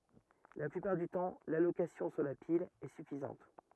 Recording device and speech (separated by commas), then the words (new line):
rigid in-ear microphone, read sentence
La plupart du temps, l'allocation sur la pile est suffisante.